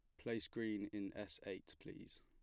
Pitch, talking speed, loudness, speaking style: 105 Hz, 180 wpm, -48 LUFS, plain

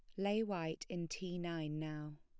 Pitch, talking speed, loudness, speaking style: 170 Hz, 180 wpm, -41 LUFS, plain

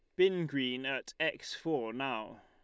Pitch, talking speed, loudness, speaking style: 135 Hz, 160 wpm, -34 LUFS, Lombard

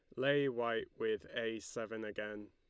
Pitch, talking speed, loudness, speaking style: 115 Hz, 155 wpm, -38 LUFS, Lombard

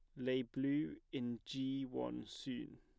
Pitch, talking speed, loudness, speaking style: 130 Hz, 140 wpm, -42 LUFS, plain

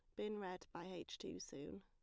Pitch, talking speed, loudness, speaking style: 180 Hz, 220 wpm, -50 LUFS, plain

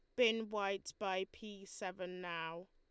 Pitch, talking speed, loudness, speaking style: 195 Hz, 145 wpm, -40 LUFS, Lombard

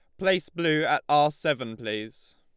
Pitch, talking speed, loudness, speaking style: 150 Hz, 165 wpm, -26 LUFS, Lombard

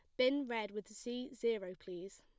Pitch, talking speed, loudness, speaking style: 225 Hz, 180 wpm, -40 LUFS, plain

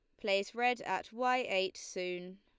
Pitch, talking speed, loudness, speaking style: 195 Hz, 165 wpm, -35 LUFS, Lombard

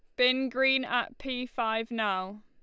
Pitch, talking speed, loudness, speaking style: 250 Hz, 160 wpm, -29 LUFS, Lombard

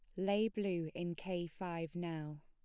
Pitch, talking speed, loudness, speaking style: 175 Hz, 160 wpm, -40 LUFS, plain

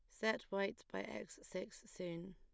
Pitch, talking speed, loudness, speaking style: 195 Hz, 170 wpm, -45 LUFS, plain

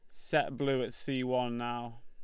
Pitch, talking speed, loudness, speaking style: 125 Hz, 195 wpm, -33 LUFS, Lombard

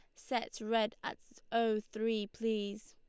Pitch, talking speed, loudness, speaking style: 220 Hz, 135 wpm, -36 LUFS, Lombard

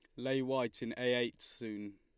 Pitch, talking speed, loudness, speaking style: 120 Hz, 205 wpm, -37 LUFS, Lombard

